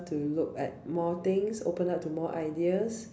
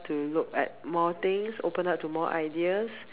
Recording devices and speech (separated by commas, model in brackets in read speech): standing microphone, telephone, conversation in separate rooms